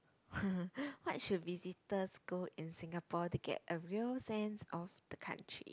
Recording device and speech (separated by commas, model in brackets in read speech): close-talking microphone, conversation in the same room